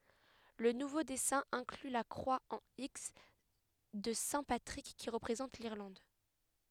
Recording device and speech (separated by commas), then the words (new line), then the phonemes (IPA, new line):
headset microphone, read sentence
Le nouveau dessin inclut la croix en X de saint Patrick, qui représente l'Irlande.
lə nuvo dɛsɛ̃ ɛ̃kly la kʁwa ɑ̃ iks də sɛ̃ patʁik ki ʁəpʁezɑ̃t liʁlɑ̃d